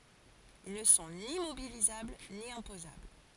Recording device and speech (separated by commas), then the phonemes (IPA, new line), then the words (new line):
forehead accelerometer, read sentence
il nə sɔ̃ ni mobilizabl ni ɛ̃pozabl
Ils ne sont ni mobilisables ni imposables.